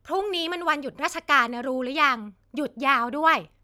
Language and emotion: Thai, frustrated